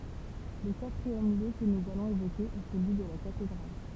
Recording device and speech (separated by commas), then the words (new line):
temple vibration pickup, read sentence
Le quatrième lieu que nous allons évoquer est celui de la cathédrale.